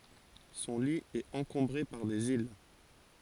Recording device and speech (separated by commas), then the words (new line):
forehead accelerometer, read sentence
Son lit est encombré par des îles.